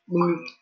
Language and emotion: Thai, neutral